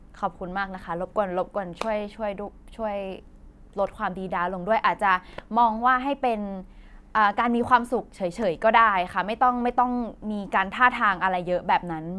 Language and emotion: Thai, frustrated